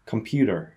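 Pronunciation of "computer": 'Computer' is said the American English way, with a slight R sound at the end.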